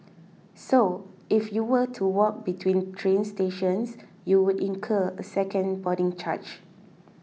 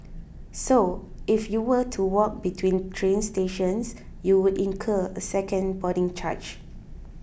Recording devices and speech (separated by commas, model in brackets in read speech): mobile phone (iPhone 6), boundary microphone (BM630), read sentence